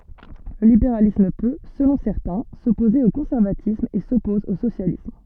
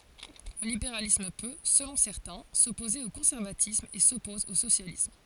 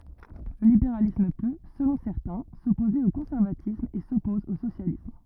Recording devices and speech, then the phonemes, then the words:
soft in-ear microphone, forehead accelerometer, rigid in-ear microphone, read sentence
lə libeʁalism pø səlɔ̃ sɛʁtɛ̃ sɔpoze o kɔ̃sɛʁvatism e sɔpɔz o sosjalism
Le libéralisme peut, selon certains, s'opposer au conservatisme et s'oppose au socialisme.

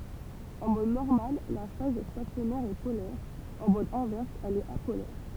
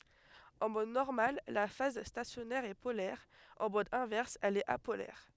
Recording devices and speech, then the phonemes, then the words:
temple vibration pickup, headset microphone, read sentence
ɑ̃ mɔd nɔʁmal la faz stasjɔnɛʁ ɛ polɛʁ ɑ̃ mɔd ɛ̃vɛʁs ɛl ɛt apolɛʁ
En mode normal la phase stationnaire est polaire, en mode inverse elle est apolaire.

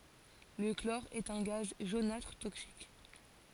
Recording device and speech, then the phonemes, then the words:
forehead accelerometer, read sentence
lə klɔʁ ɛt œ̃ ɡaz ʒonatʁ toksik
Le chlore est un gaz jaunâtre toxique.

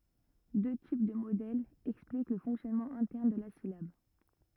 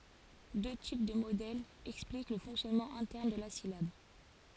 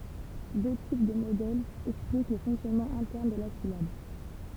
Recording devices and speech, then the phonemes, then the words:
rigid in-ear microphone, forehead accelerometer, temple vibration pickup, read sentence
dø tip də modɛlz ɛksplik lə fɔ̃ksjɔnmɑ̃ ɛ̃tɛʁn də la silab
Deux types de modèles expliquent le fonctionnement interne de la syllabe.

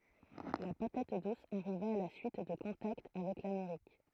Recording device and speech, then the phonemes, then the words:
throat microphone, read sentence
la patat dus aʁiva a la syit də kɔ̃takt avɛk lameʁik
La patate douce arriva à la suite de contacts avec l’Amérique.

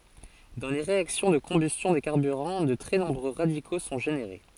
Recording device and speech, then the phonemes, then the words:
forehead accelerometer, read sentence
dɑ̃ le ʁeaksjɔ̃ də kɔ̃bystjɔ̃ de kaʁbyʁɑ̃ də tʁɛ nɔ̃bʁø ʁadiko sɔ̃ ʒeneʁe
Dans les réactions de combustion des carburants, de très nombreux radicaux sont générés.

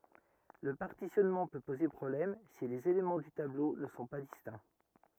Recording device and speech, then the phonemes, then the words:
rigid in-ear microphone, read sentence
lə paʁtisjɔnmɑ̃ pø poze pʁɔblɛm si lez elemɑ̃ dy tablo nə sɔ̃ pa distɛ̃
Le partitionnement peut poser problème si les éléments du tableau ne sont pas distincts.

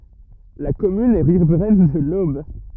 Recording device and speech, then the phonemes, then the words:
rigid in-ear microphone, read sentence
la kɔmyn ɛ ʁivʁɛn də lob
La commune est riveraine de l'Aube.

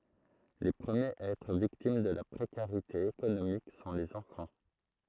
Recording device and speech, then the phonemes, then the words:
throat microphone, read sentence
le pʁəmjez a ɛtʁ viktim də la pʁekaʁite ekonomik sɔ̃ lez ɑ̃fɑ̃
Les premiers à être victimes de la précarité économique sont les enfants.

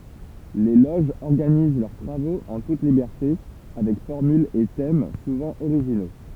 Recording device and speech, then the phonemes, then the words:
temple vibration pickup, read sentence
le loʒz ɔʁɡaniz lœʁ tʁavoz ɑ̃ tut libɛʁte avɛk fɔʁmylz e tɛm suvɑ̃ oʁiʒino
Les loges organisent leurs travaux en toute liberté avec formules et thèmes souvent originaux.

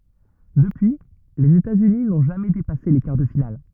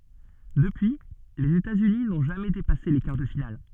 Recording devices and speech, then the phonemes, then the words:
rigid in-ear microphone, soft in-ear microphone, read sentence
dəpyi lez etatsyni nɔ̃ ʒamɛ depase le kaʁ də final
Depuis, les États-Unis n'ont jamais dépassé les quarts de finale.

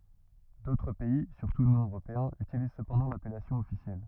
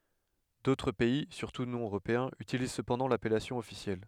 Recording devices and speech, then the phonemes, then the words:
rigid in-ear microphone, headset microphone, read sentence
dotʁ pɛi syʁtu nɔ̃ øʁopeɛ̃z ytiliz səpɑ̃dɑ̃ lapɛlasjɔ̃ ɔfisjɛl
D'autres pays, surtout non européens, utilisent cependant l'appellation officielle.

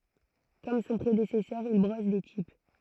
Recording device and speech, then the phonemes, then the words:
throat microphone, read sentence
kɔm sɔ̃ pʁedesɛsœʁ il bʁɔs de tip
Comme son prédécesseur, il brosse des types.

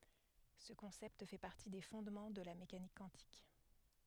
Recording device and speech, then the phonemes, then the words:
headset microphone, read sentence
sə kɔ̃sɛpt fɛ paʁti de fɔ̃dmɑ̃ də la mekanik kwɑ̃tik
Ce concept fait partie des fondements de la mécanique quantique.

